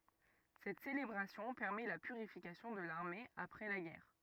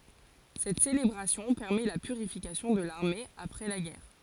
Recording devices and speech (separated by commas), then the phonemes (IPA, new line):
rigid in-ear microphone, forehead accelerometer, read sentence
sɛt selebʁasjɔ̃ pɛʁmɛ la pyʁifikasjɔ̃ də laʁme apʁɛ la ɡɛʁ